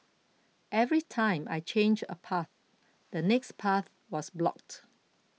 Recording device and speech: mobile phone (iPhone 6), read sentence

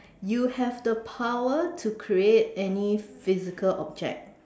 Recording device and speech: standing microphone, conversation in separate rooms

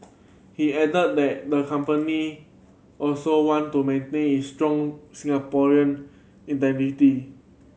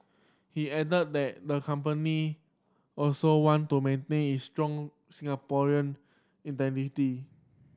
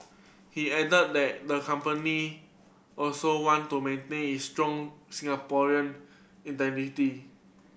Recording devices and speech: mobile phone (Samsung C7100), standing microphone (AKG C214), boundary microphone (BM630), read sentence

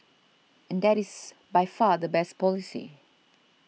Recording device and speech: mobile phone (iPhone 6), read sentence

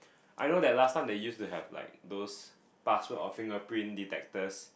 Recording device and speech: boundary microphone, conversation in the same room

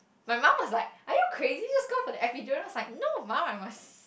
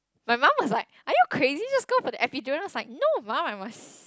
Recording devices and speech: boundary microphone, close-talking microphone, conversation in the same room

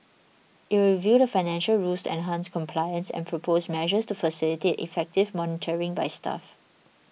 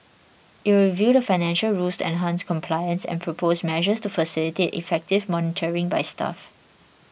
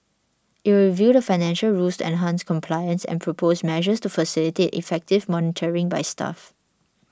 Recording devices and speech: mobile phone (iPhone 6), boundary microphone (BM630), standing microphone (AKG C214), read sentence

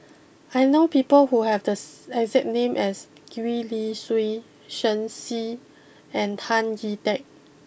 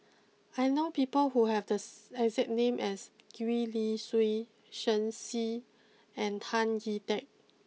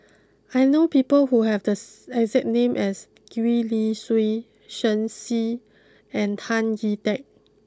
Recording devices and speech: boundary microphone (BM630), mobile phone (iPhone 6), close-talking microphone (WH20), read sentence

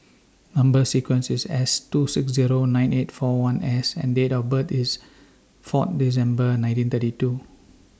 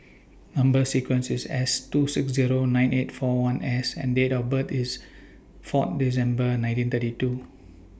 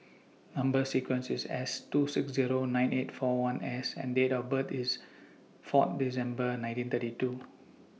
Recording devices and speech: standing microphone (AKG C214), boundary microphone (BM630), mobile phone (iPhone 6), read sentence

